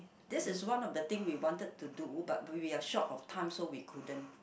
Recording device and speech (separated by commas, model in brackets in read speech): boundary microphone, conversation in the same room